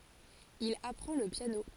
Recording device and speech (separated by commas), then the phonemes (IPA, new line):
forehead accelerometer, read sentence
il apʁɑ̃ lə pjano